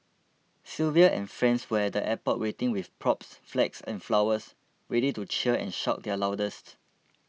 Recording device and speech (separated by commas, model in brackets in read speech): mobile phone (iPhone 6), read sentence